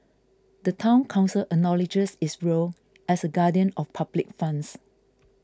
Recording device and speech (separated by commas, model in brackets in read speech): close-talking microphone (WH20), read sentence